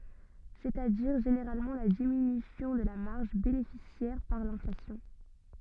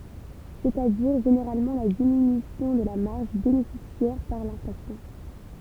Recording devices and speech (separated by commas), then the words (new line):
soft in-ear microphone, temple vibration pickup, read sentence
C'est-à-dire, généralement la diminution de la marge bénéficiaire par l'inflation.